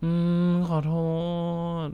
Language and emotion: Thai, sad